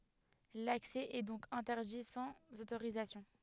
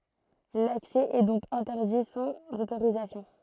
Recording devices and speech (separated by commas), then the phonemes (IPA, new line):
headset microphone, throat microphone, read sentence
laksɛ ɛ dɔ̃k ɛ̃tɛʁdi sɑ̃z otoʁizasjɔ̃